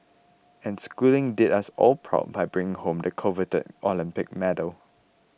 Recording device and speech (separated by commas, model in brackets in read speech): boundary microphone (BM630), read sentence